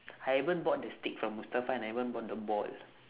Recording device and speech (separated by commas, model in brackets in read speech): telephone, conversation in separate rooms